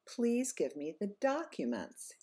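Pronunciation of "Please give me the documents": The pitch goes up on 'documents' and then falls at the end of the sentence.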